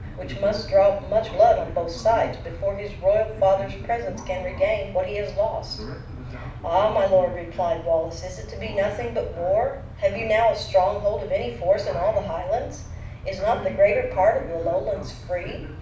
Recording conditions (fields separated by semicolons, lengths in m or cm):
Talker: one person; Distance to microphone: 5.8 m; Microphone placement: far; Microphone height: 1.8 m; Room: medium-sized (5.7 m by 4.0 m); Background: television